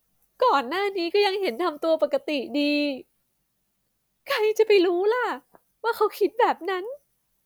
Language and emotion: Thai, sad